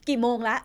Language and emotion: Thai, frustrated